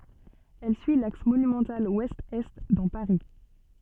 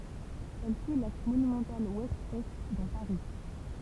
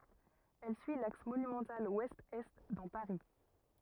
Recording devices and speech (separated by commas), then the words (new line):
soft in-ear microphone, temple vibration pickup, rigid in-ear microphone, read sentence
Elle suit l'axe monumental ouest-est dans Paris.